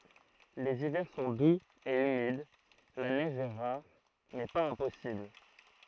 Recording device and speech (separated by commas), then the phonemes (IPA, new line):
throat microphone, read sentence
lez ivɛʁ sɔ̃ duz e ymid la nɛʒ ɛ ʁaʁ mɛ paz ɛ̃pɔsibl